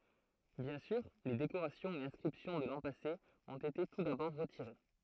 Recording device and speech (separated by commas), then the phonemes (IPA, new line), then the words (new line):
throat microphone, read sentence
bjɛ̃ syʁ le dekoʁasjɔ̃z e ɛ̃skʁipsjɔ̃ də lɑ̃ pase ɔ̃t ete tu dabɔʁ ʁətiʁe
Bien sûr, les décorations et inscriptions de l’an passé ont été tout d’abord retirées.